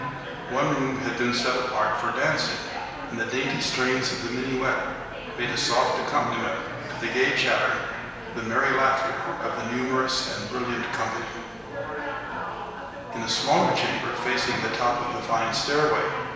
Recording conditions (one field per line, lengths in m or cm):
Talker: one person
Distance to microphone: 1.7 m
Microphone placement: close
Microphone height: 1.0 m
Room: very reverberant, large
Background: babble